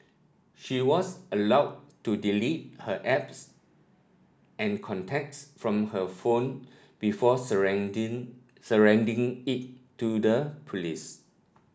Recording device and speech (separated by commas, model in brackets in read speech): standing microphone (AKG C214), read sentence